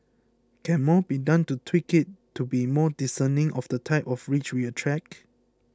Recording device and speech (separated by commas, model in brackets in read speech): close-talking microphone (WH20), read sentence